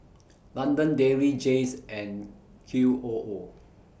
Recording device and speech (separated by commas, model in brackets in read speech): boundary microphone (BM630), read sentence